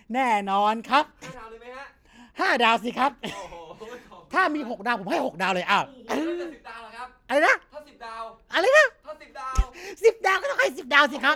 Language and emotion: Thai, happy